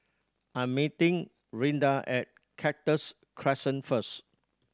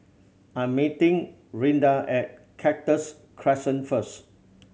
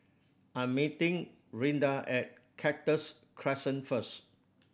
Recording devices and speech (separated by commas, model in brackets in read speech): standing microphone (AKG C214), mobile phone (Samsung C7100), boundary microphone (BM630), read sentence